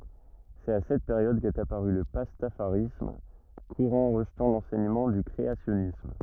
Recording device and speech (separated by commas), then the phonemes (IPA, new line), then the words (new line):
rigid in-ear microphone, read sentence
sɛt a sɛt peʁjɔd kɛt apaʁy lə pastafaʁism kuʁɑ̃ ʁəʒtɑ̃ lɑ̃sɛɲəmɑ̃ dy kʁeasjɔnism
C'est à cette période qu'est apparu le pastafarisme, courant rejetant l'enseignement du créationnisme.